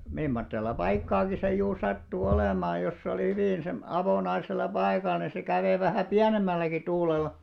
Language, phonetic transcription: Finnish, 'mimmottella 'paikkaaki se juur 'sattu 'olèmaaj̆ jos se olì 'hyvin sem- 'avònaisel̆la 'paikal ni se 'kävè vähä̀ "piänemmälläki 'tuulel̆lᵃ .
- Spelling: mimmoisella paikkaakin se juuri sattui olemaan jos se oli hyvin - avonaisella paikalla niin se kävi vähän pienemmälläkin tuulella

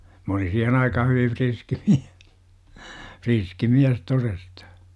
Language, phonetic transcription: Finnish, 'm ‿olin̬ 'siihen aikaha hyviv "Vriski miä- , "friski 'miäs 'torestA .
- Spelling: minä olin siihen aikaan hyvin riski mies riski mies todesta

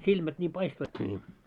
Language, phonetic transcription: Finnish, 'silmät ńiim "paistoitki ńii .
- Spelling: silmät niin paistoivatkin niin

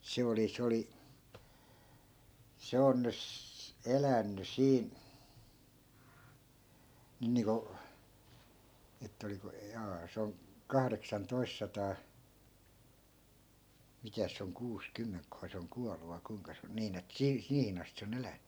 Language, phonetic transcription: Finnish, 'se oli 's ‿oli , "se on 'nys- , 'elänny "siin̬ , 'nyn niiŋko , ettᵃ̈ oliko , 'jaa se on , 'kahreksan'tois sataa , 'mitäs se oŋ 'kuus'kymmeŋkkohà se oŋ 'kualu vai 'kui̮ŋka se on , 'niin ‿et "sii- , "siihin ‿astⁱ se o'n ‿elänny .
- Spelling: se oli se oli se on - elänyt siinä nyt niin kuin että oliko jaa se on kahdeksantoista sataa mitäs se on kuusikymmentäköhän se on kuollut vai kuinka se on niin että - siihen asti se on elänyt

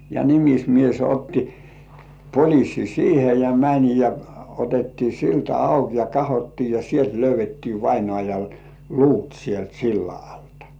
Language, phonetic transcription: Finnish, ja 'nimismies otti 'poĺissi "siihe ja 'mäń ja , otettii 'silta "auk ja "kahottii ja 'sielt löyv̆vettii 'vainŏàjal "luut sielt 'silla altᴀ .
- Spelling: ja nimismies otti poliisin siihen ja meni ja otettiin silta auki ja katsottiin ja sieltä löydettiin vainajan luut sieltä sillan alta

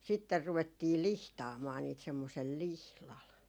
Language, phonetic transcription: Finnish, sitter ruvettii "lihtaamaa 'niit semmosel "lihlal .
- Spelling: sitten ruvettiin lihtaamaan niitä semmoisella lihdalla

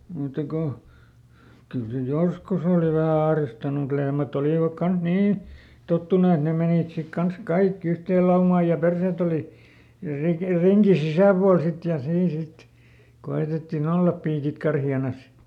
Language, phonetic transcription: Finnish, ˈmùtta ko , ˈkyl se "joskus ‿òli vähä ˈahristanu mᵘt ˈlehmäˈt ‿olìvak ˈkans "nii , ˈtottunu et ˈne menìt sik ˈkans "kaikki ˈyhteel laumaa ja ˈpersèt ‿oli , ˈrik- , ˈriŋki "sisä̀pual sit ja ˈsiin ˈsit , ˈko₍ètetti"n ‿ollap ˈpiikit ˈkarhi₍anas .
- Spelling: mutta kun kyllä se joskus oli vähän ahdistanut mutta lehmät olivat kanssa niin tottunut että ne menivät sitten kanssa kaikki yhteen laumaan ja perseet oli - ringin sisäpuolella sitten ja siinä sitten koetettiin olla piikit karheana

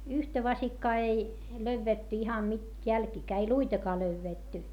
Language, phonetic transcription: Finnish, yhtä vasikkaa ei , löyvvetty ihan nyt , jälkiikää ei luitakaa löyvvètty .
- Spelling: yhtä vasikkaa ei löydetty ihan nyt jälkiäkään ei luitakaan löydetty

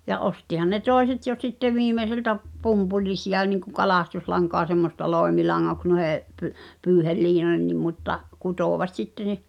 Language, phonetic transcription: Finnish, ja 'ostihan ne "tòeset jo sitte 'viimeseltä , 'pumpulisi₍a niŋku 'kalàstuslaŋkoa semmosta "lòemilaŋŋoks nu[i]he’ , py- , 'pyyhel"liinoh̳ennim mutta , "kutòvat sitte (ne) ,.
- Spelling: ja ostihan ne toiset jo sitten viimeiseltä pumpulisia niin kuin kalastuslankaa semmoista loimilangoiksi noihin - pyyheliinoihinkin mutta kutoivat sitten ne

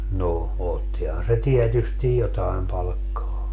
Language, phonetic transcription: Finnish, no , 'ottihan se 'tiɛtystij 'jotaim palkkaa .
- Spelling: no ottihan se tietysti jotakin palkkaa

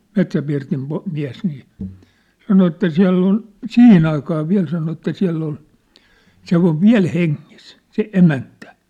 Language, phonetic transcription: Finnish, 'Metsäpirtim po- , 'miä̭s nii , 'sano että 'siä̭ll ‿on , "sihin ‿aikaa 'viä̭l sano että 'siä̭ll ‿ol , se ‿ov "viä̭l 'heŋŋis , se 'emäntä .
- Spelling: Metsäpirtin - mies niin sanoi että siellä on siihen aikaan vielä sanoi että siellä oli se on vielä hengissä se emäntä

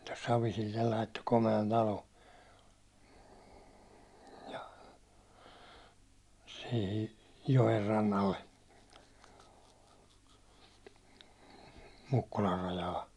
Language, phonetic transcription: Finnish, 'Savisillel laitto kome₍an 'talo , ja , sihi , 'jo₍errannalle , 'Mukkular rajaa .
- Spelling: Savisille laittoi komean talon ja siihen joenrannalle Mukkulan rajaa

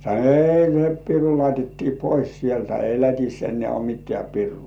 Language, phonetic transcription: Finnish, sa(n)o » "ei se 'piru laitettii "pois 'sieltä 'ei "Lät̜is en̆nĕä̀ uo "mit̆tĕä̀ 'pirruu « .
- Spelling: sanoi ei se piru laitettiin pois sieltä ei Lätissä enää ole mitään pirua

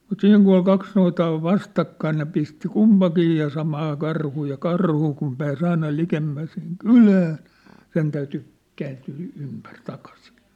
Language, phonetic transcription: Finnish, mut 'siiŋ ku ol 'kaks noitaa ov 'vastakkain ne pisti 'kumpakii ja 'samaa 'karhuu ja 'karhu kum pää's ‿aina 'likemmä siŋ "kylääⁿ̬ , 'sen täyty , 'kääntyy ympär takasɪ .
- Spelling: mutta siinä kun oli kaksi noitaa on vastakkain ne pisti kumpikin ja samaa karhua ja karhu kun pääsi aina likemmäs sinne kylään sen täytyi kääntyä ympäri takaisin

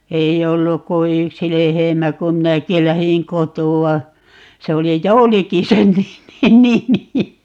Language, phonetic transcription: Finnish, 'ei 'olluk ku "yksi 'lehemä kum "minäki 'lähiŋ "kotu₍a , 'se oli "Jouliki 'sen 'ni(mi) 'nimi .
- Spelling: ei ollut kuin yksi lehmä kun minäkin lähdin kotoa se oli Jouliki sen nimi nimi

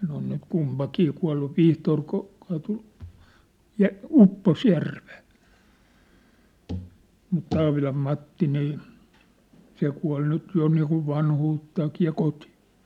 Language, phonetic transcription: Finnish, ne ‿on nyt 'kumpakii 'kua̭llu , "Vihtoor ku- , kaatu , "ja , "uppos 'järvᴇᴇ , mut 'Taavilam 'Matti nii , 'se kua̭l 'nyt jo niikuv 'vanhuuttaakii ja 'kotɪ .
- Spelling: ne on nyt kumpikin kuollut Vihtori - kaatui ja upposi järveen mutta Taavilan Matti niin se kuoli nyt jo niin kuin vanhuuttaankin ja kotiin

